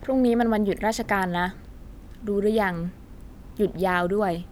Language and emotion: Thai, neutral